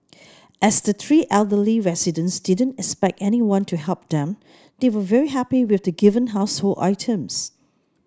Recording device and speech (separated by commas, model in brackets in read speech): standing microphone (AKG C214), read sentence